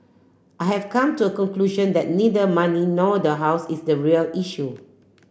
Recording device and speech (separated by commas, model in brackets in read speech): boundary microphone (BM630), read sentence